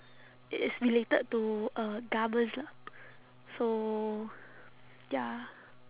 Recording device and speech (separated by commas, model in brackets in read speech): telephone, conversation in separate rooms